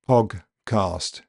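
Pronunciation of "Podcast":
In 'podcast', the d is said as a g and the g is released, which sounds weird. It is pronounced incorrectly here.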